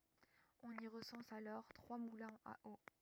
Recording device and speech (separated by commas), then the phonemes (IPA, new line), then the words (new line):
rigid in-ear microphone, read sentence
ɔ̃n i ʁəsɑ̃s alɔʁ tʁwa mulɛ̃z a o
On y recense alors trois moulins à eau.